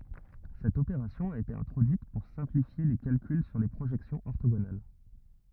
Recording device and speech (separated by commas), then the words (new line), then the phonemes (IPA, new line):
rigid in-ear microphone, read sentence
Cette opération a été introduite pour simplifier les calculs sur les projections orthogonales.
sɛt opeʁasjɔ̃ a ete ɛ̃tʁodyit puʁ sɛ̃plifje le kalkyl syʁ le pʁoʒɛksjɔ̃z ɔʁtoɡonal